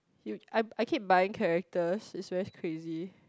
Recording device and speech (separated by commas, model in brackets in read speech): close-talking microphone, conversation in the same room